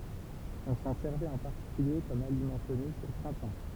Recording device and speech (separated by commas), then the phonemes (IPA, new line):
temple vibration pickup, read sentence
ɔ̃ sɑ̃ sɛʁvɛt ɑ̃ paʁtikylje kɔm alimɑ̃ tonik o pʁɛ̃tɑ̃